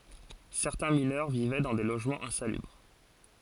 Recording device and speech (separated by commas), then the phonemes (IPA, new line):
forehead accelerometer, read sentence
sɛʁtɛ̃ minœʁ vivɛ dɑ̃ de loʒmɑ̃z ɛ̃salybʁ